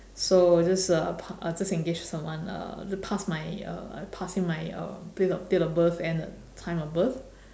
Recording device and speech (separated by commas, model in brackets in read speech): standing microphone, conversation in separate rooms